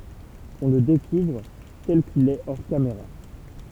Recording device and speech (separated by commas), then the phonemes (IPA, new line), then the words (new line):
temple vibration pickup, read sentence
ɔ̃ lə dekuvʁ tɛl kil ɛ ɔʁ kameʁa
On le découvre tel qu'il est hors caméra.